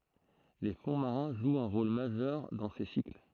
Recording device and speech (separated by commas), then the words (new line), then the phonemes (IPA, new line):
throat microphone, read sentence
Les fonds marins jouent un rôle majeur dans ces cycles.
le fɔ̃ maʁɛ̃ ʒwt œ̃ ʁol maʒœʁ dɑ̃ se sikl